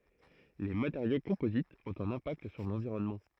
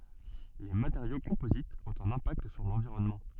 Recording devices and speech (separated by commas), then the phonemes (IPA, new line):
throat microphone, soft in-ear microphone, read sentence
le mateʁjo kɔ̃pozitz ɔ̃t œ̃n ɛ̃pakt syʁ lɑ̃viʁɔnmɑ̃